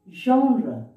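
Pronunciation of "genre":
'Genre' is pronounced correctly here.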